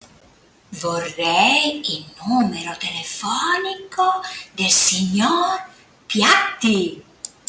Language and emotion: Italian, surprised